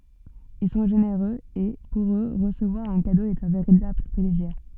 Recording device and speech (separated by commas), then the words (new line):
soft in-ear microphone, read sentence
Ils sont généreux et, pour eux, recevoir un cadeau est un véritable plaisir.